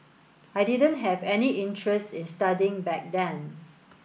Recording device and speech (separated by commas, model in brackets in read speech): boundary microphone (BM630), read sentence